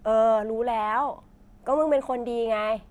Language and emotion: Thai, frustrated